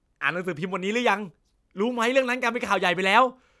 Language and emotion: Thai, happy